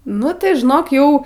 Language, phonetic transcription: Lithuanian, ˈnu tai žiˈnok ˈjau

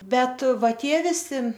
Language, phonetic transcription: Lithuanian, ˈbet ˈva ˈtie viˈsi

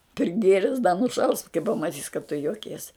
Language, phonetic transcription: Lithuanian, priˈgėres da nuˈšaus kai pamaˈtys kad tu joˈkies

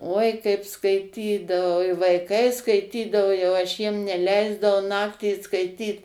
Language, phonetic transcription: Lithuanian, uoi kaip skaiˈtydavau i vaiˈkai skaiˈtydavo jau aš ˈjiem neˈleisdavau ˈnaktį skaiˈtyt

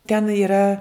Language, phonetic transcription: Lithuanian, ten yˈra

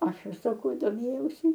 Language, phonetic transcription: Lithuanian, ˈaš ir saˈkau doˈmėjausi

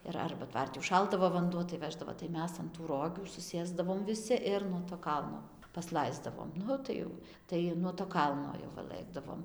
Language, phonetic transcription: Lithuanian, ir ˈarba ˈtvarti užˈšaldavo vanˈduo tai ˈveždavo tai ˈmes an ˈrogių suˈsėsdavom viˈsi ˈir nuo to ˈkalno pasˈlaisdavom ˈnu tai jau ˈtai nuo to ˈkalno jau ˈva ˈlɘkdavom

